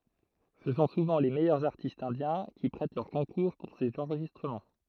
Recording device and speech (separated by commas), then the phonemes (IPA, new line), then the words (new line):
throat microphone, read sentence
sə sɔ̃ suvɑ̃ le mɛjœʁz aʁtistz ɛ̃djɛ̃ ki pʁɛt lœʁ kɔ̃kuʁ puʁ sez ɑ̃ʁʒistʁəmɑ̃
Ce sont souvent les meilleurs artistes indiens qui prêtent leur concours pour ces enregistrements.